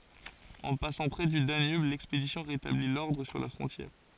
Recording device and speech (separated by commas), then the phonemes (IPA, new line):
forehead accelerometer, read sentence
ɑ̃ pasɑ̃ pʁɛ dy danyb lɛkspedisjɔ̃ ʁetabli lɔʁdʁ syʁ la fʁɔ̃tjɛʁ